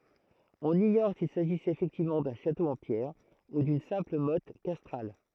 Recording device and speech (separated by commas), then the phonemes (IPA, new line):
throat microphone, read sentence
ɔ̃n iɲɔʁ sil saʒisɛt efɛktivmɑ̃ dœ̃ ʃato ɑ̃ pjɛʁ u dyn sɛ̃pl mɔt kastʁal